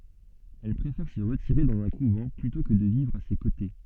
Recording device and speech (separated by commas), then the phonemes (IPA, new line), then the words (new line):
soft in-ear microphone, read sentence
ɛl pʁefɛʁ sə ʁətiʁe dɑ̃z œ̃ kuvɑ̃ plytɔ̃ kə də vivʁ a se kote
Elle préfère se retirer dans un couvent, plutôt que de vivre à ses côtés.